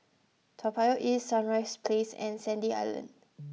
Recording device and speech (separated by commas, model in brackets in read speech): mobile phone (iPhone 6), read sentence